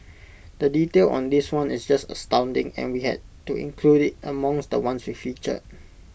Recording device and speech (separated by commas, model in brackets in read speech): boundary microphone (BM630), read sentence